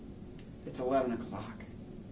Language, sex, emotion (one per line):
English
male
neutral